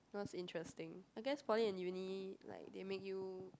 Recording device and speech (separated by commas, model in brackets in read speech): close-talking microphone, conversation in the same room